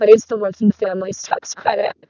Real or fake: fake